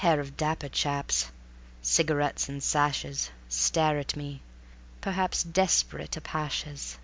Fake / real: real